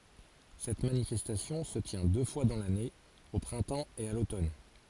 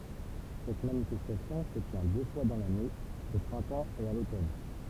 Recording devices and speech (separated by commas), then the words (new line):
forehead accelerometer, temple vibration pickup, read sentence
Cette manifestation se tient deux fois dans l'année, au printemps et à l'automne.